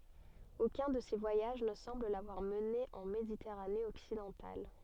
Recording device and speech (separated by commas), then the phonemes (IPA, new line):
soft in-ear microphone, read sentence
okœ̃ də se vwajaʒ nə sɑ̃bl lavwaʁ məne ɑ̃ meditɛʁane ɔksidɑ̃tal